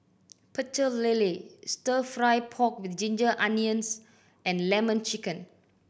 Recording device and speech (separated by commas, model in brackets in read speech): boundary microphone (BM630), read sentence